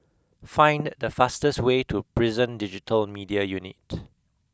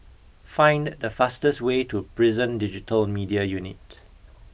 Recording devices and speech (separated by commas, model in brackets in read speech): close-talking microphone (WH20), boundary microphone (BM630), read sentence